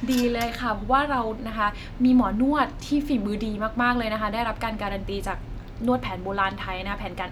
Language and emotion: Thai, happy